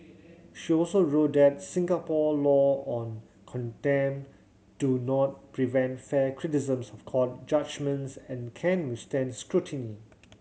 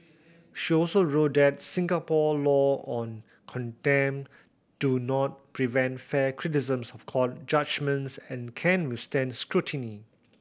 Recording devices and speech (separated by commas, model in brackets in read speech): mobile phone (Samsung C7100), boundary microphone (BM630), read sentence